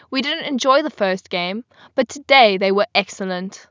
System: none